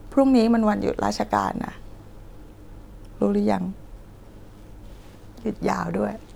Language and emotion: Thai, sad